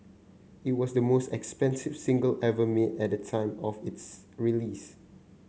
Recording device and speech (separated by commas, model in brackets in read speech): mobile phone (Samsung C9), read sentence